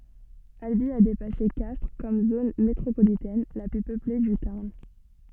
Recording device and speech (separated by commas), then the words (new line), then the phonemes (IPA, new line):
soft in-ear microphone, read sentence
Albi a dépassé Castres comme zone métropolitaine la plus peuplée du Tarn.
albi a depase kastʁ kɔm zon metʁopolitɛn la ply pøple dy taʁn